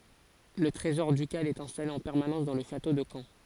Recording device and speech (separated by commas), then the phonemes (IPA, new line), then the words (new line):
forehead accelerometer, read sentence
lə tʁezɔʁ dykal ɛt ɛ̃stale ɑ̃ pɛʁmanɑ̃s dɑ̃ lə ʃato də kɑ̃
Le trésor ducal est installé en permanence dans le château de Caen.